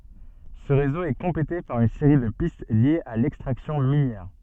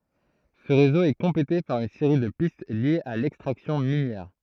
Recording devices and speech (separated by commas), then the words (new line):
soft in-ear microphone, throat microphone, read sentence
Ce réseau est complété par une série de pistes liées à l'extraction minière.